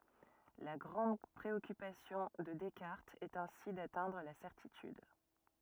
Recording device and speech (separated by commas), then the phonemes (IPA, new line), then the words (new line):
rigid in-ear microphone, read sentence
la ɡʁɑ̃d pʁeɔkypasjɔ̃ də dɛskaʁtz ɛt ɛ̃si datɛ̃dʁ la sɛʁtityd
La grande préoccupation de Descartes est ainsi d'atteindre la certitude.